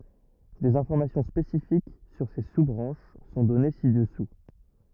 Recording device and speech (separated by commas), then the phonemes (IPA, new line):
rigid in-ear microphone, read sentence
dez ɛ̃fɔʁmasjɔ̃ spesifik syʁ se su bʁɑ̃ʃ sɔ̃ dɔne si dəsu